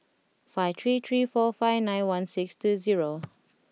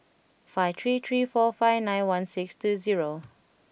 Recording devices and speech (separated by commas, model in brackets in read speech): mobile phone (iPhone 6), boundary microphone (BM630), read sentence